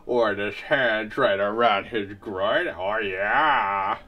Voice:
nasally voice